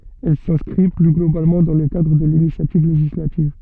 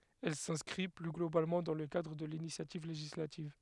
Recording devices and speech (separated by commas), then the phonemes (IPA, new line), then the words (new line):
soft in-ear microphone, headset microphone, read sentence
ɛl sɛ̃skʁi ply ɡlobalmɑ̃ dɑ̃ lə kadʁ də linisjativ leʒislativ
Elle s’inscrit plus globalement dans le cadre de l’initiative législative.